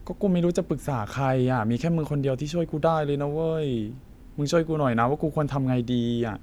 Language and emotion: Thai, frustrated